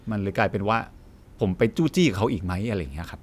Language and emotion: Thai, frustrated